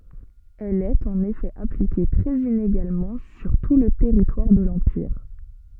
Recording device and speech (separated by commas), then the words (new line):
soft in-ear microphone, read sentence
Elle est en effet appliquée très inégalement sur tout le territoire de l'empire.